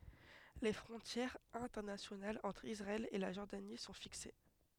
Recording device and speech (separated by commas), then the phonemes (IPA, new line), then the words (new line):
headset microphone, read sentence
le fʁɔ̃tjɛʁz ɛ̃tɛʁnasjonalz ɑ̃tʁ isʁaɛl e la ʒɔʁdani sɔ̃ fikse
Les frontières internationales entre Israël et la Jordanie sont fixées.